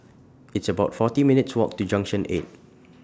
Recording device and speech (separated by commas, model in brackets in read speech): standing microphone (AKG C214), read sentence